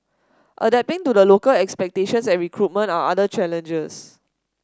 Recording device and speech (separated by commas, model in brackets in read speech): standing microphone (AKG C214), read sentence